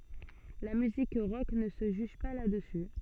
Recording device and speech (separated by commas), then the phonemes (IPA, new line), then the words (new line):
soft in-ear microphone, read sentence
la myzik ʁɔk nə sə ʒyʒ pa la dəsy
La musique rock ne se juge pas là dessus.